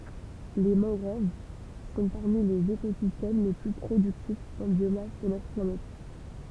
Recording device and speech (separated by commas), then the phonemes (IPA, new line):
temple vibration pickup, read sentence
le mɑ̃ɡʁov sɔ̃ paʁmi lez ekozistɛm le ply pʁodyktifz ɑ̃ bjomas də notʁ planɛt